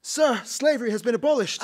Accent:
British accent